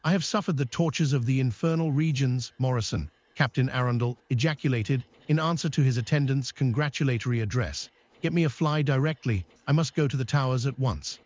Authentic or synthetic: synthetic